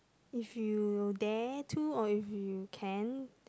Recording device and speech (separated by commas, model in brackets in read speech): close-talking microphone, conversation in the same room